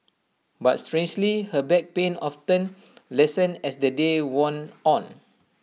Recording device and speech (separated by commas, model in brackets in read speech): mobile phone (iPhone 6), read sentence